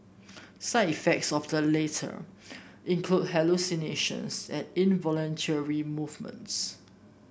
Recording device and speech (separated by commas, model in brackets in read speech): boundary microphone (BM630), read sentence